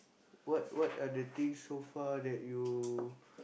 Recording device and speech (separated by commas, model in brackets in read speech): boundary microphone, conversation in the same room